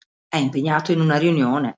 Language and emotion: Italian, angry